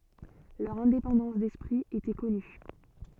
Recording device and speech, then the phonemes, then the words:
soft in-ear microphone, read sentence
lœʁ ɛ̃depɑ̃dɑ̃s dɛspʁi etɛ kɔny
Leur indépendance d'esprit était connue.

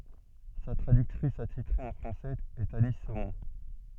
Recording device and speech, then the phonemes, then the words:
soft in-ear microphone, read sentence
sa tʁadyktʁis atitʁe ɑ̃ fʁɑ̃sɛz ɛt ani somɔ̃
Sa traductrice attitrée en français est Annie Saumont.

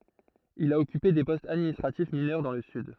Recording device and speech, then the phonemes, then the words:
throat microphone, read sentence
il a ɔkype de pɔstz administʁatif minœʁ dɑ̃ lə syd
Il a occupé des postes administratifs mineurs dans le Sud.

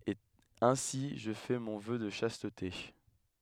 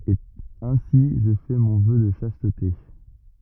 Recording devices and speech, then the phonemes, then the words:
headset microphone, rigid in-ear microphone, read sentence
e ɛ̃si ʒə fɛ mɔ̃ vœ də ʃastte
Et ainsi je fais mon Vœu de Chasteté.

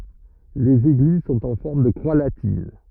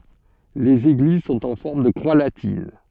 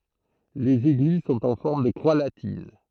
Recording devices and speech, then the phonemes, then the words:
rigid in-ear microphone, soft in-ear microphone, throat microphone, read sentence
lez eɡliz sɔ̃t ɑ̃ fɔʁm də kʁwa latin
Les églises sont en forme de croix latine.

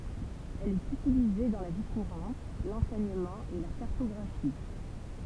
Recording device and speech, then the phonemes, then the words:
temple vibration pickup, read sentence
ɛl ɛt ytilize dɑ̃ la vi kuʁɑ̃t lɑ̃sɛɲəmɑ̃ e la kaʁtɔɡʁafi
Elle est utilisée dans la vie courante, l'enseignement et la cartographie.

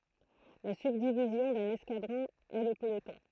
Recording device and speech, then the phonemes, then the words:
throat microphone, read sentence
la sybdivizjɔ̃ dœ̃n ɛskadʁɔ̃ ɛ lə pəlotɔ̃
La subdivision d'un escadron est le peloton.

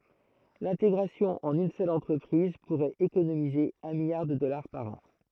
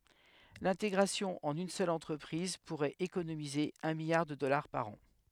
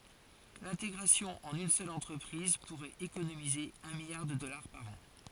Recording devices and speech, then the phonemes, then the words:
throat microphone, headset microphone, forehead accelerometer, read sentence
lɛ̃teɡʁasjɔ̃ ɑ̃n yn sœl ɑ̃tʁəpʁiz puʁɛt ekonomize œ̃ miljaʁ də dɔlaʁ paʁ ɑ̃
L’intégration en une seule entreprise pourrait économiser un milliard de dollars par an.

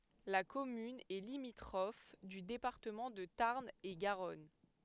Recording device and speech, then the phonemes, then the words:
headset microphone, read sentence
la kɔmyn ɛ limitʁɔf dy depaʁtəmɑ̃ də taʁn e ɡaʁɔn
La commune est limitrophe du département de Tarn-et-Garonne.

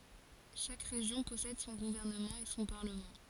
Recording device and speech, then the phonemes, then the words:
forehead accelerometer, read sentence
ʃak ʁeʒjɔ̃ pɔsɛd sɔ̃ ɡuvɛʁnəmɑ̃ e sɔ̃ paʁləmɑ̃
Chaque région possède son gouvernement et son parlement.

